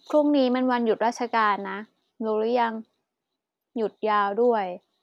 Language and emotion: Thai, neutral